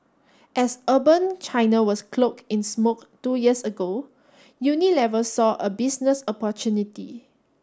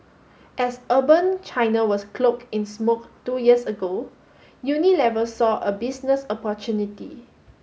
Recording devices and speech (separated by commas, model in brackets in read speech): standing microphone (AKG C214), mobile phone (Samsung S8), read sentence